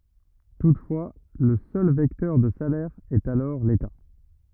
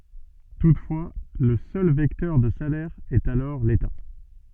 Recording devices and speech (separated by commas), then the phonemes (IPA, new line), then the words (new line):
rigid in-ear microphone, soft in-ear microphone, read sentence
tutfwa lə sœl vɛktœʁ də salɛʁ ɛt alɔʁ leta
Toutefois, le seul vecteur de salaire est alors l'État.